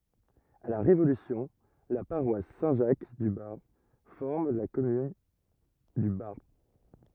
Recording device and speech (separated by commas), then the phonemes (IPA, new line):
rigid in-ear microphone, read sentence
a la ʁevolysjɔ̃ la paʁwas sɛ̃ ʒak dy baʁp fɔʁm la kɔmyn dy baʁp